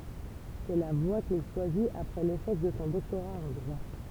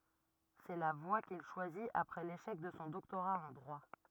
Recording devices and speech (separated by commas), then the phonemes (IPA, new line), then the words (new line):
temple vibration pickup, rigid in-ear microphone, read sentence
sɛ la vwa kil ʃwazit apʁɛ leʃɛk də sɔ̃ dɔktoʁa ɑ̃ dʁwa
C'est la voie qu'il choisit après l'échec de son doctorat en droit.